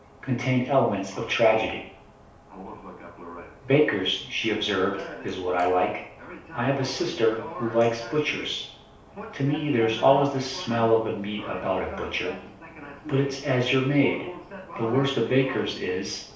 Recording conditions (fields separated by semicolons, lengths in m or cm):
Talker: one person; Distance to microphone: 3.0 m; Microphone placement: far; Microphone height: 1.8 m; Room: small (3.7 m by 2.7 m); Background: television